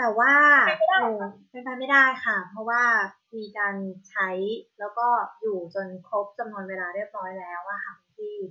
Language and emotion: Thai, frustrated